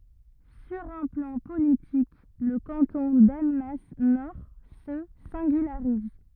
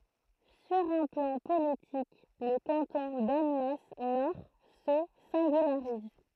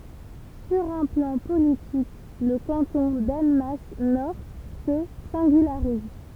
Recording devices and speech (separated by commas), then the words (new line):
rigid in-ear microphone, throat microphone, temple vibration pickup, read sentence
Sur un plan politique le canton d'Annemasse Nord se singularise.